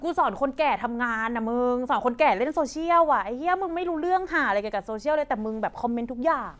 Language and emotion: Thai, frustrated